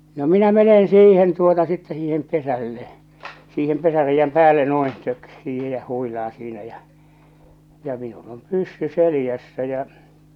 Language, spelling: Finnish, no minä menen siihen tuota sitten siihen pesälle siihen pesäreiän päälle noin - siihen ja huilaan siinä ja ja minulla on pyssy selässä ja
- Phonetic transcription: no 'minä 'menen 'siihen tuota sittɛ 'siihem 'pesälle , siihem 'pesäreijjäm "päälle no̭in , 'tök- 'siihe ja 'huilaa siinä ja , ja minul ‿om 'pyssy 'selⁱjässä ja͕ .

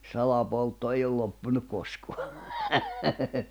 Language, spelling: Finnish, salapoltto ei ole loppunut koskaan
- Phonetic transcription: 'salapoltto ei ol loppunuᵏ 'koskoa .

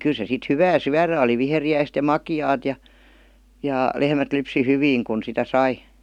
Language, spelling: Finnish, kyllä se sitten hyvää syödä oli viheriäistä ja makeaa ja ja lehmät lypsi hyvin kun sitä sai
- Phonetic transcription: 'kyˡ se sit "hyvää "syärä oli 'viheri₍äist ja "maki₍aat ja , jà , 'lehmät lypsi "hyviiŋ kun sitä "sai .

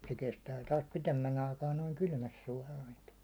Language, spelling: Finnish, se kestää taas pidemmän aikaa noin kylmässä suolaantua
- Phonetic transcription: se kestää taas 'pitemmän aikaa noiŋ 'kylmäs suålalintu(a) .

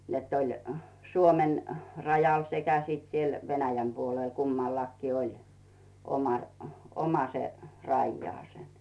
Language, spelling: Finnish, että oli Suomen rajalla sekä sitten siellä Venäjän puolella kummallakin oli oma oma se rajalla
- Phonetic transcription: nett ‿oĺ , "Suomen , 'rajal sekä siit siel "Venäjäm 'puolèl 'kummallakkii "oĺ , oma , oma se , 'rajjᵒaasen .

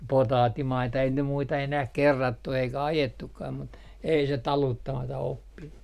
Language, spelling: Finnish, potaattimaita ei ne muita enää kerrattu eikä ajettukaan mutta ei se taluttamatta oppinut
- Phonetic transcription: "potaattimaita ei ne muita enäh "kerrattu eikä "ajetukkaam mut , 'ei se "taluttamata 'oppinnu .

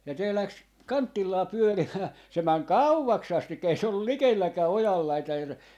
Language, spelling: Finnish, ja se lähti kantillaan pyörimään se meni kauaksi asti ei se ollut likelläkään ojan laitaa ja se
- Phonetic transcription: (ja se) 'läks , "kanttillaa 'pyörimää , 'se 'mäŋ "kauvaks 'astikka 'ei se ‿ollul "likeilläkää "ojal 'laitaa ja se , .

